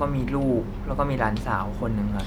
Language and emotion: Thai, neutral